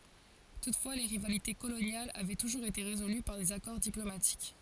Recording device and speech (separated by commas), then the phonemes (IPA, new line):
forehead accelerometer, read sentence
tutfwa le ʁivalite kolonjalz avɛ tuʒuʁz ete ʁezoly paʁ dez akɔʁ diplomatik